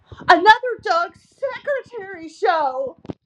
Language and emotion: English, sad